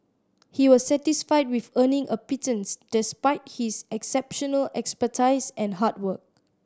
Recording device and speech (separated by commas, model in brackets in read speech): standing microphone (AKG C214), read sentence